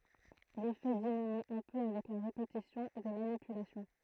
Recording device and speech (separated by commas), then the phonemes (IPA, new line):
throat microphone, read sentence
lefɛ diminy œ̃ pø avɛk la ʁepetisjɔ̃ de manipylasjɔ̃